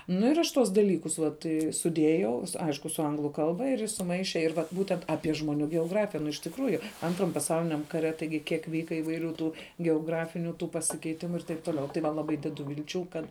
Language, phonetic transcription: Lithuanian, nu ir ˈaš ˈtuos daˈlykus ˈvat i suˈdėjau ˈaišku su ˈanglu ˈkalba ir ˈjis suˈmaiše ir vat ˈbūtent ˈapie žmoˈnių geoˈgrafija nu iš tikˈrųju ˈantram paˈsauliniam ˈkaˌre taiˈgi ˈkiek ˈvyka įvaiˈrių ˈtų geoˈgrafiniu ˈtų pasikeiˈtimu ir taip ˈtoˌliau tai ˈva laˈbai ˈdedu vilˈčių ˈkad

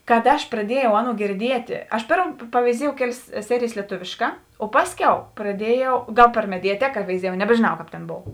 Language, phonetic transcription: Lithuanian, kad ˈaš praˈdiejau ˈaˌnuo girˈdietė ˈaš ˈpėrm paveiˈziejau ˈkeˌlės ˈserijės lieˈtuvėšˌkā o ˈpasˌkiau praˈdiejau ˈgal per mediaˈteka veiˈziejau nebežėˈnau ˈkāp tėn ˈbov

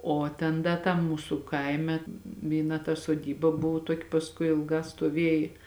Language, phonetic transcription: Lithuanian, o ˈten ˈda tam ˈmūsu ˈkaime vyˈna ta soˈdyba ˈbuvu ˈtuoki pasˈkui ilˈgā stuoˈvėji

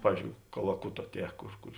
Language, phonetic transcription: Lithuanian, ˈpavyzdžiou kalaˈkuto ˈtie ˈkur ˈkur

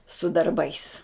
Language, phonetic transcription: Lithuanian, su darˈbais

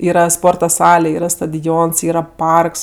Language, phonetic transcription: Lithuanian, ˈyra ˈsporta ˈsale ˈyra stadions ˈyra ˈparks

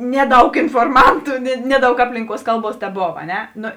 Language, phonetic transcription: Lithuanian, ˈneˌdaug inforˈmantu ne ˈneˌdaug ˈaplinˌkuos ˈkalˌbuos teˈbov a ˈne ˈno

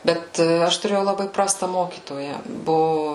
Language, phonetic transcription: Lithuanian, ˈbet ˈaš tuˈrėjau laˈbai ˈprasta ˈmokytoja ˈbuvu

